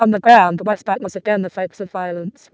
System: VC, vocoder